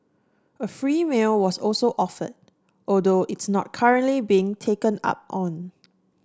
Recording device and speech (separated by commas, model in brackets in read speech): standing microphone (AKG C214), read sentence